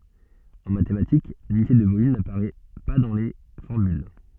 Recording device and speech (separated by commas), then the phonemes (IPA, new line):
soft in-ear microphone, read sentence
ɑ̃ matematik lynite də volym napaʁɛ pa dɑ̃ le fɔʁmyl